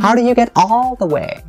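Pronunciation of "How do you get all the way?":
In 'How do you get all the way?', the word 'all' is stressed.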